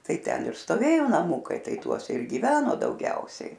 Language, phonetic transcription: Lithuanian, ˈtai ˈten ir stoˈvėjo naˈmūkai ˈtai ˈtuose ir giˈveno dauˈgiausiai

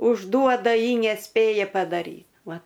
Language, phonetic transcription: Lithuanian, užˈduoda ˈji neˈspėja padaˈry ˈva

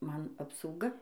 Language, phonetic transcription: Lithuanian, ˈman apsauˈga

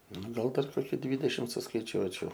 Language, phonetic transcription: Lithuanian, ˈnu ˈgal dar ˈkoki ˈdvydešim suskaiˈčiuočiau

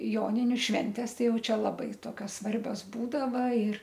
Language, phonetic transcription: Lithuanian, ˈjoniniu ˈšventės ˈtai ˈjau ˈčia laˈbai ˈtokios ˈsvarbios ˈbūdava ir

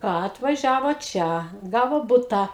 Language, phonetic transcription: Lithuanian, ˈką atvaˈžiavo ˈčia ˈgavo ˈbutą

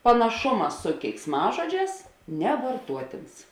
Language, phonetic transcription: Lithuanian, panaˈšuma su keiksˈmažoˌdžēs nevarˈtuotėns

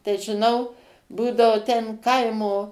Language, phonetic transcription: Lithuanian, tai žiˈnau ˈbūdavo ten ˈkaimo

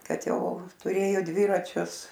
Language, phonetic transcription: Lithuanian, ˈkad ˈjau tuˈrėjo ˈdviračius

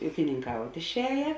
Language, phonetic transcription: Lithuanian, ūkininˈkaut' išˈēje

